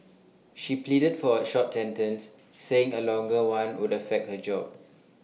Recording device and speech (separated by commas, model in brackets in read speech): mobile phone (iPhone 6), read sentence